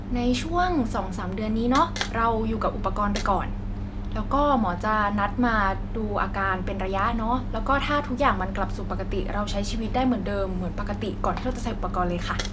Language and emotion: Thai, neutral